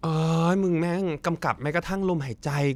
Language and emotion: Thai, frustrated